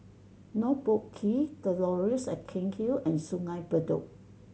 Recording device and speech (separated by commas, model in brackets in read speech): mobile phone (Samsung C7100), read sentence